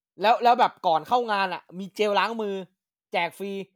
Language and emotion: Thai, neutral